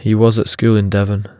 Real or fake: real